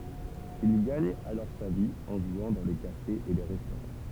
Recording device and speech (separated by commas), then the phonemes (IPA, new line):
temple vibration pickup, read sentence
il ɡaɲ alɔʁ sa vi ɑ̃ ʒwɑ̃ dɑ̃ le kafez e le ʁɛstoʁɑ̃